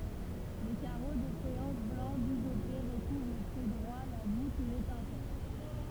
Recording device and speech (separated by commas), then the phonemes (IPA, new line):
temple vibration pickup, read sentence
le kaʁo də fajɑ̃s blɑ̃ bizote ʁəkuvʁ le pjedʁwa la vut e le tɛ̃pɑ̃